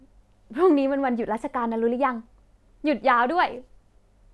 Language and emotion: Thai, happy